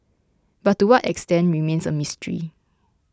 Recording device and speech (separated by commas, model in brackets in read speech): close-talking microphone (WH20), read sentence